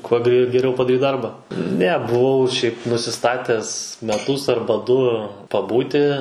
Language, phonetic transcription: Lithuanian, kuo gre geˈriau padaˈryt ˈdarba ˈne buˈvau šiaip nusiˈstates meˈtus ˈarba ˈdu paˈbūti

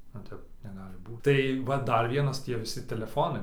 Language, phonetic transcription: Lithuanian, nu ˈtep neˈgali ˈbūt tai ˈva ˈdar ˈvienas ˈtie viˈsi teleˈfonai

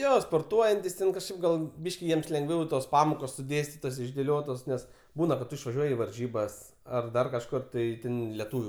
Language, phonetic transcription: Lithuanian, ˈjo sporˈtuojantis ten kažˈkaip gal ˈbyški ˈjiems lenˈgviau i tos ˈpamokos suˈdėstitos išdėˈliotos ˈnes ˈbūna kad ˈtu išvaˈžiuoji i varˈžybas ar ˈdar kažˈkur ˈtai ˈten leˈtūviu

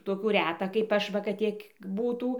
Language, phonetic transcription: Lithuanian, toˈkių ˈreta kaip ˈaš ˈva kad ˈtiek ˈbūtų

